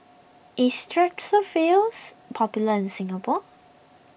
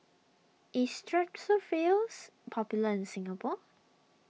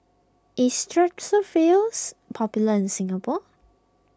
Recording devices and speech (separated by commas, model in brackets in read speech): boundary microphone (BM630), mobile phone (iPhone 6), close-talking microphone (WH20), read sentence